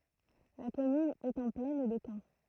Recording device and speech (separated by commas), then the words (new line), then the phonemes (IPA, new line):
throat microphone, read sentence
La commune est en plaine de Caen.
la kɔmyn ɛt ɑ̃ plɛn də kɑ̃